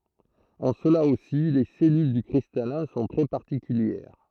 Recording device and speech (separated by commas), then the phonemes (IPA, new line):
throat microphone, read sentence
ɑ̃ səla osi le sɛlyl dy kʁistalɛ̃ sɔ̃ tʁɛ paʁtikyljɛʁ